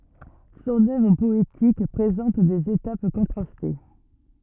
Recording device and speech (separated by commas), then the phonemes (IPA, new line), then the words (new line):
rigid in-ear microphone, read sentence
sɔ̃n œvʁ pɔetik pʁezɑ̃t dez etap kɔ̃tʁaste
Son œuvre poétique présente des étapes contrastées.